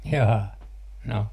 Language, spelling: Finnish, jaa no
- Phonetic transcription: 'jaa , 'no .

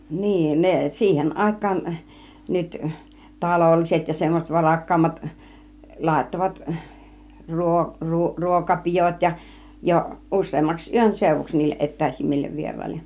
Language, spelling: Finnish, niin ne siihen aikaan nyt talolliset ja semmoiset varakkaammat laittoivat - - ruokapidot ja jo useammaksi yönseuduksi niille etäisimmille vieraille
- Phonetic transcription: niin 'nee , 'siihen 'ˀàik̆kaan , nyt , "talolliset ja semmoset 'varakkaammat , 'làittovat , 'ruo- , 'ru- , 'ruokapijot ja , jo "ˀus̆seemmaks 'yönsèuvuks niilleˀ "ˀet̆tä̀isimmillev 'vier̀àille .

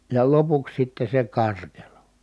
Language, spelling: Finnish, ja lopuksi sitten se karkelo
- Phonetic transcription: ja lopuks sitte se karkelo .

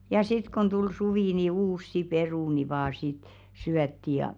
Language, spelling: Finnish, ja sitten kun tuli suvi niin uusia perunoita vain sitten syötiin ja
- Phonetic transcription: ja 'sit kon tul 'suvì ni "uussi "perùni vaa sit , 'syätti ja .

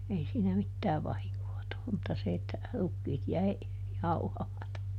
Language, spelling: Finnish, ei siinä mitään vahinkoa tullut mutta se että rukiit jäi jauhamatta
- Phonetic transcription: ˈei siinä ˈmittää ˈvahiŋkoo tullum mutta se että , ˈrukkiit ˈjäi , ˈjauhamata .

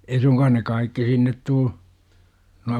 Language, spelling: Finnish, ei suinkaan ne kaikki sinne tule nuo
- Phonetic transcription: 'ei suŋkaan ne "kaikki 'sinnet 'tuu , nua ?

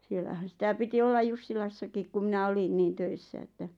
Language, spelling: Finnish, siellähän sitä piti olla Jussilassakin kun minä olin niin töissä että
- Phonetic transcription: 'siellähän̬ sitä 'piti 'ollaj "Jussilassakik ku minä 'olin niin 'töissä että ,.

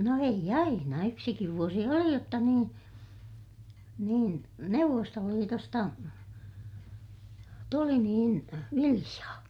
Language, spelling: Finnish, no ei aina yksikin vuosi oli jotta niin niin Neuvostoliitosta tuli niin viljaa
- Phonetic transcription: no eij ‿aina , yksikiv vuosi oli jotta niin , niin , Neuvvostoliitosta , tuli niin , viliʲaa .

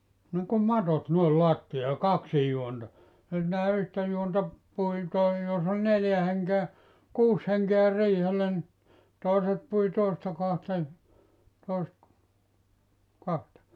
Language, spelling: Finnish, niin kuin matot noin lattiaan ja kaksin juonta sitä yhtä juonta pui tai jos oli neljä henkeä kuusi henkeä riihellä niin toiset pui toisesta kohdasta niin toiset kahta
- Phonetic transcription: niŋkum "matot noel 'loattijaa ja 'kaksij juonta , (sitä) 'yhtä juonta , 'pui tai jos ‿oĺ 'neljä heŋkeä , 'kuus heŋkeä 'riihellä ni , 'tòeset pui 'tòesᵉsta kohasta (ni) , 'tòisᵉt , 'kahta .

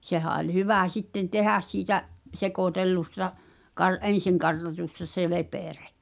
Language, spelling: Finnish, sehän oli hyvä sitten tehdä siitä sekoitellusta - ensin kartatusta se lepere
- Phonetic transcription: 'sehä oĺ 'hyvä sitten "tehäs siitä’ , 'sekòtellusta , kar- , "’en̬siŋkartatusta se 'lepère .

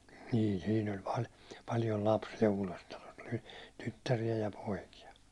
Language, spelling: Finnish, niillä siinä oli - paljon lapsia Uudessatalossa oli tyttäriä ja poikia
- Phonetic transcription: niil siin ‿oĺ pal- , paljol 'lapsija Uulestalos , ᴏʟi 'tyttärijä ja 'poikija .

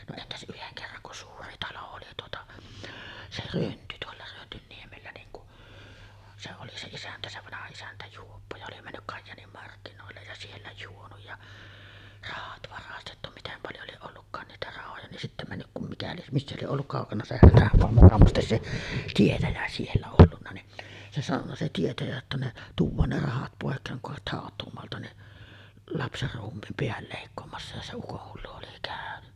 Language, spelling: Finnish, no entäs yhden kerran kun suuri talo oli tuota se Rönty tuolla Rönnynniemellä niin kun se oli se isäntä se vanha isäntä juoppo ja oli mennyt Kajaanin markkinoille ja siellä juonut ja rahat varastettu miten paljon lie ollutkaan niitä rahoja niin sitten mennyt kun mikä lie missä lie ollut kaukana se Hätämaa mukamas se tietäjä siellä ollut niin se sanonut se tietäjä jotta ne tuodaan ne rahat pois kun haet hautuumaalta niin lapsenruumiin pään leikkaamassa ja se ukonhullu oli käynyt
- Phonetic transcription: no 'entäs '’yheŋ kerraŋ kun "suuri 'talo oli tuota , 'se "Rönty tuolla 'Rönnynniemellä niiŋ ku’ , se oli se 'isäntä se 'vanaha isäntä 'juoppo ja oli männyk 'Kajjaanim markkinòellej ja siellä 'juonuj ja , 'rahat varastettu 'mitem paljo lieˀ 'ˀollukkaan niitä 'rahoja nin sittä 'männyk kum mikä lieˀ , "missä lieˀ 'ˀolluk 'kàokana se 'Hätämoa , mukamastes 'se "tietäjä siellä ollunna ni , se 'sanonna se 'tietäjä jotta ne , 'tuuv̆vaan ne 'rahat pòekkeeŋ kuh hàet 'hàot̆tuumoalta ni’ , 'lapserruummiim 'peäl lèikkoomassa ja se 'ukohhullu oli kä̀öny .

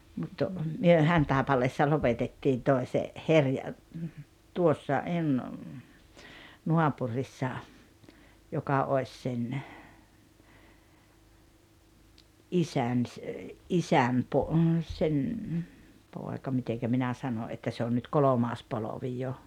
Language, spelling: Finnish, mutta me Hantaipaleessa lopetettiin toisen herja tuossa - naapurissa joka olisi sen isän - isän - sen poika miten minä sanoin että se on nyt kolmas polvi jo
- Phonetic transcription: mut , 'myö "Hantàepaleessa 'lopetettiin (tòi̬se) , '’herja , 'tuossa , (hen-) , 'nuapurissa , 'joka 'oes sen , "’isän ‿s- , '’isäm po- , sen , 'pòeka 'miteŋkä 'minä ’sano ’että 'se on nyt "kolomaas 'polovi jo .

